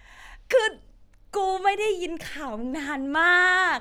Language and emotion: Thai, happy